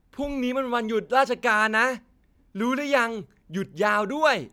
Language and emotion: Thai, happy